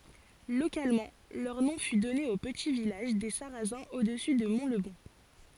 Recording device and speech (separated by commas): forehead accelerometer, read sentence